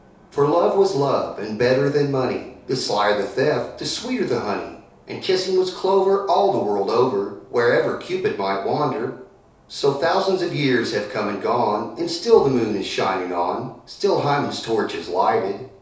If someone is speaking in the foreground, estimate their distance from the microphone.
3.0 m.